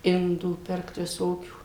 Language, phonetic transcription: Lithuanian, ˈindų ˈpirkt viˈsokių

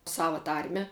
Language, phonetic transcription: Lithuanian, ˈsava ˈtarme

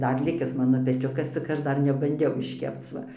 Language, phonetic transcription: Lithuanian, ˈdar liˈkis ˈmano peˈčiukas cik ˈaš ˈdar nebanˈdiau išˈkepc ˈva

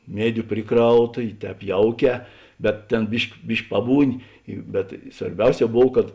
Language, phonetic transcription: Lithuanian, ˈmiediu ˈpriˌkrauˌta i ˈtēp ˈjauˌkē bet ˈtėn ˈbišk' ˈbišk' ˈpabūˌni i bet svarˈbiauˌsē ˈbov kad

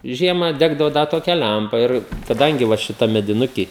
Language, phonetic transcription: Lithuanian, ˈžiemą ˈdegdavo ˈda toˈkia ˈlæmpa ˈir kaˈdangi va šiˈtam mediˈnuky

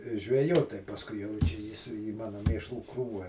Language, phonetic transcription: Lithuanian, žveˈjot pasˈkui jau ˈčia ˈjis į ˈmano ˈmėšlų ˈkrūva

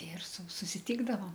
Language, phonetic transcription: Lithuanian, ir su susiˈtykdavom

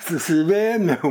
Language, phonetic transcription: Lithuanian, susiˈvėmiau

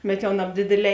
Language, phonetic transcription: Lithuanian, bet ˈjau nabˈdėdėˌlē

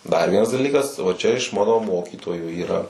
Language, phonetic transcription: Lithuanian, dar ˈvienas daˈlykas va ˈčia iš ˈmano ˈmokytojų yˈra

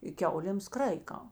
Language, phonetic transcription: Lithuanian, i ˈkiaulėms ˈkraika

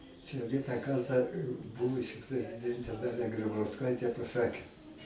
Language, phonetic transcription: Lithuanian, čia ˈvieną ˈkartą ˈbuvusi preziˈdentė ˈdalia gribausˈkaitė paˈsakė

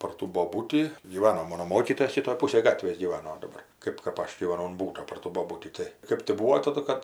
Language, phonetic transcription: Lithuanian, par ˈtų boˈbūtį gyˈvano ˈmono ˈmokytojas ˈšitoj ˈpūsaj ˈgatvės gyˈvano daˈbar ˈkɜp kap ˈaš gyvaˈnau un ˈbūto par ˈtų boˈbūtį ˈtai ˈkɜp ti ˈbūvo ˈtadu kad

